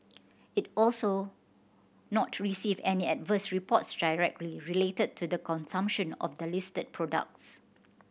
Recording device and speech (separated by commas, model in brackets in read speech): boundary microphone (BM630), read sentence